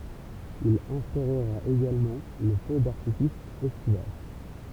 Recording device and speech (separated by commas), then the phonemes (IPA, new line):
temple vibration pickup, read sentence
il ɛ̃stoʁʁa eɡalmɑ̃ lə fø daʁtifis ɛstival